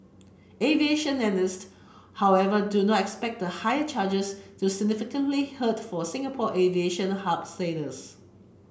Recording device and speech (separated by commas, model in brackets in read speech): boundary microphone (BM630), read sentence